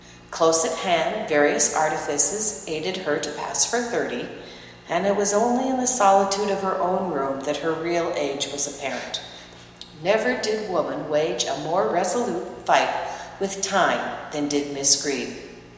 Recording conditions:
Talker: one person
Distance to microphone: 1.7 m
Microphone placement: close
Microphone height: 1.0 m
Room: very reverberant, large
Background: none

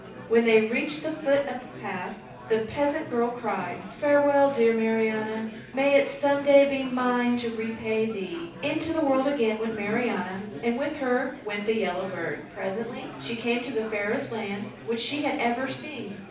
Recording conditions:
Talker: one person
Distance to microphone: 5.8 m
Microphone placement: far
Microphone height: 1.8 m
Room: medium-sized (5.7 m by 4.0 m)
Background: babble

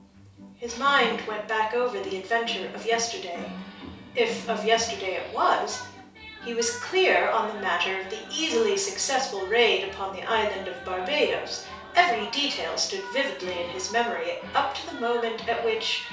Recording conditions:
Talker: one person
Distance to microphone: 3.0 m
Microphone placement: far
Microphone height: 1.8 m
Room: small (3.7 m by 2.7 m)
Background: television

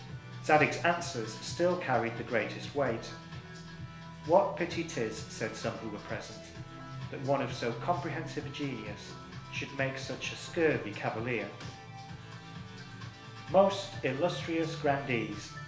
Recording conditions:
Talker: one person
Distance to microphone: 1.0 m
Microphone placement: close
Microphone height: 1.1 m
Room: small (3.7 m by 2.7 m)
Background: music

